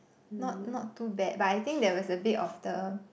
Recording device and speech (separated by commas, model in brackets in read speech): boundary microphone, conversation in the same room